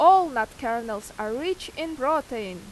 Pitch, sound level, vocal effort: 235 Hz, 93 dB SPL, very loud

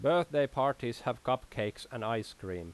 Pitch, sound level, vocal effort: 120 Hz, 89 dB SPL, loud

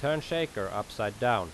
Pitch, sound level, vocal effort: 120 Hz, 88 dB SPL, loud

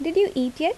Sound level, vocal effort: 80 dB SPL, normal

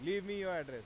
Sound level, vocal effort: 99 dB SPL, loud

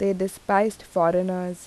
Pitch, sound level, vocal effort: 185 Hz, 83 dB SPL, normal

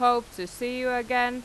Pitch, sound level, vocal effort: 245 Hz, 93 dB SPL, loud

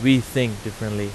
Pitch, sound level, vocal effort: 115 Hz, 88 dB SPL, loud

